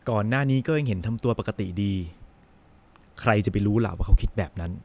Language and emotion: Thai, frustrated